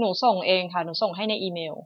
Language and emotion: Thai, neutral